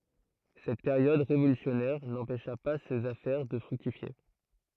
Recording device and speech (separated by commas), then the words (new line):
throat microphone, read sentence
Cette période révolutionnaire, n'empêcha pas ses affaires de fructifier.